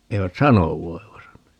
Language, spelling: Finnish, eivät sano voivansa
- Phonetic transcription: 'eivät "sanov 'voivasa .

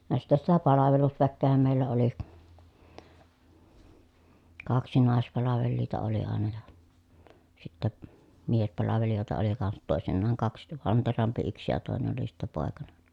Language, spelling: Finnish, vaan sitten sitä palvelusväkeähän meillä oli kaksi naispalvelijaa oli aina ja sitten miespalvelijoita oli kanssa toisinaan kaksi vantterampi yksi ja toinen oli sitten poikanen
- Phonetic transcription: (van) sittɛ sitä palavelusväkkeehäm mèillä oli , kaksi nàespalavelliita oli àena ja , sittä , miespalavelijòeta oli kansat tòesinnaaŋ kaks , vanterampi yks ja tòenen ‿oli sittä pòekanen̬ .

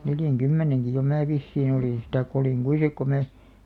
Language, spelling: Finnish, neljänkymmenenkin jo minä vissiin olin sitten tai olin kuinka sitten kun minä
- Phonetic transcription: 'neljäŋ'kymmeneŋki jo 'mää "vissiin ‿olìn sit 'taikᵏ ‿olìŋ 'kui sik ko 'mää ,.

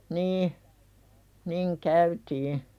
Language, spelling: Finnish, niin niin käytiin
- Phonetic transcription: 'nii , niŋ "käytii .

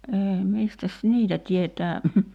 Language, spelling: Finnish, ei mistäs niitä tietää
- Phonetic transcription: ’eei 'mistäs "niitä tietää ,.

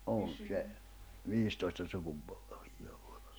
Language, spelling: Finnish, on se viisitoista sukupolvea ollut
- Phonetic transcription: 'on 'tse 'viistoista 'sukupᴏʟᴏᴠɪɪ ᴏʟʟᴜ .

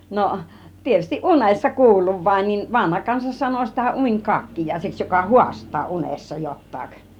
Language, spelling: Finnish, no tietysti unessa kuullut vain niin vanha kansa sanoi sitä - unikakkiaiseksi joka haastaa unessa jotakin
- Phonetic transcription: 'no , tietystiˀ "ˀunessa 'kuulluv vain nin , 'vanha 'kansa sano sitä 'uń 'kakkijàiseks joka "huast̆taa 'unessa 'jot̆taak .

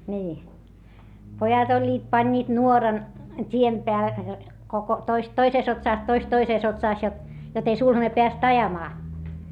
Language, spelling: Finnish, niin pojat olivat panivat nuoran tien - koko toista toisessa otsassa toista toisessa otsassa jotta jotta ei sulhanen päässyt ajamaan
- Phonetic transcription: nii , pojat ‿oĺĺiit pańńiit nuoran , t́iem peä- , koko , toist toisès otsàs toist toisès otsàs jot , jot ‿ei sulhane peäst ajamaa .

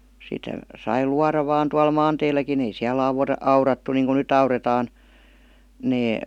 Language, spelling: Finnish, sitä sai luoda vain tuolla maanteilläkin ei siellä - aurattu niin kuin nyt aurataan ne
- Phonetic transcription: 'sitä , sai "luara vaan tual "maanteilläki'n ‿ei siä'l ‿auw- 'aurattu niiŋku "nyt ‿aure§taan , 'nee ,.

